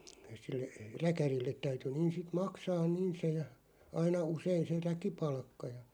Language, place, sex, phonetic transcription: Finnish, Loppi, male, sille , 'räkärilleᵗ täyty 'niin̬ sit 'maksaan "niin se ja , 'aina 'usein̬ se "räki'palkka ja ,.
- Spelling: sille räkärille täytyi niin sitten maksaa niin se ja aina usein se räkipalkka ja

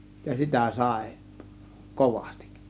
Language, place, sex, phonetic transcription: Finnish, Kiihtelysvaara, male, ja "sitä̀ 'sàė , "kovAstIk .
- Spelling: ja sitä sai kovasti

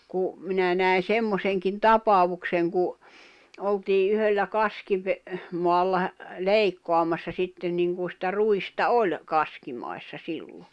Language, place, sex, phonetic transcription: Finnish, Jämsä, female, ku , 'minä nä̀i̬n̬ 'semmoseŋkin "tapavukseŋ ku , oltii 'yhöllä 'kaskive- , moalla he- , 'leikkoamassa 'sitten niŋku sⁱtä 'ruista "oĺ , 'kaskimai̬ssa 'sillo .
- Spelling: kun minä näin semmoisenkin tapauksen kun oltiin yhdellä - kaskimaalla - leikkaamassa sitten niin kuin sitä ruista oli kaskimaissa silloin

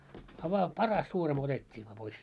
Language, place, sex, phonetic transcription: Finnish, Moloskovitsa, male, a vaa "paras 'suurimo 'otet́t́ii vaa pois .
- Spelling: a vain paras suurimo otettiin vain pois

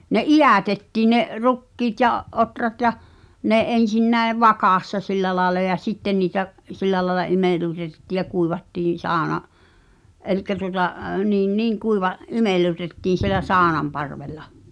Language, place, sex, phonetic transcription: Finnish, Pihtipudas, female, ne "’ijä̀tettiin̆ ne’ , "rukkiit ja’ , "’otrat jaʰ , 'ne "’en̬sin 'näev̆ "vakàssa 'sillä làela ja "sitten niitä , 'sillä laĕla "imellutetetti̳ ja 'kuivattiin̬ 'saaᵒna’ , 'elikkä tuota , 'niin "niiŋ 'kuiva- , "imellu͕tettiin̬ sielä "saanamparvel̆la .
- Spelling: ne idätettiin ne rukiit ja ohrat ja ne ensin näin vakassa sillä lailla ja sitten niitä sillä lailla imellytettiin ja kuivattiin sauna eli tuota niin niin - imellytettiin siellä saunanparvella

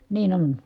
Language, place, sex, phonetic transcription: Finnish, Kitee, female, niin ‿on .
- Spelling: niin on

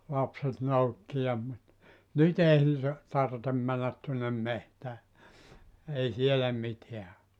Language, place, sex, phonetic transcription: Finnish, Joutsa, male, 'lapset 'noukki ja - - , 'nyt ‿ei (niite) , 'tartem männät tuonnem 'mehtää , 'ei 'sielä "miteä o .
- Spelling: lapset noukki ja nyt ei niiden tarvitse mennä tuonne metsään ei siellä mitään ole

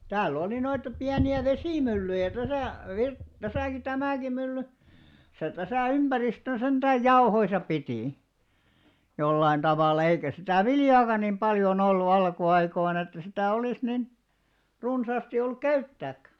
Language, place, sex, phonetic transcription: Finnish, Alastaro, male, 'tääl'l ‿oli noita 'piäni₍ä "vesìmyllyjä täsä̀ , Virt- , 'täsä̀ki 'tämä̀ki mylly , se 'täsä̀ 'ympäristön sentääj "jauhoisa 'pitì , 'jollain 'ᴅavàlla eikä sitä̀ "viljaaka nim 'paljo'n ‿ollu 'alku₍'aikoin ‿että sitä̀ 'olis nin , 'runsaasti olluk "käyttääkkä .
- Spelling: täällä oli noita pieniä vesimyllyjä tässä - tässäkin tämäkin mylly se tässä ympäristön sentään jauhoissa piti jollakin tavalla eikä sitä viljaakaan niin paljon ollut alkuaikoina että sitä olisi niin runsaasti ollut käyttääkään

